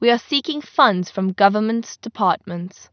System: none